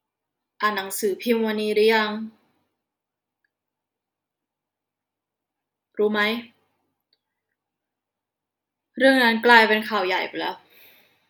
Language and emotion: Thai, frustrated